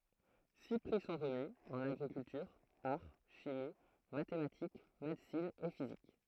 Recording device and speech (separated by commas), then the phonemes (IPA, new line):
throat microphone, read sentence
si pʁi sɔ̃ ʁəmi ɑ̃n aɡʁikyltyʁ aʁ ʃimi matematik medəsin e fizik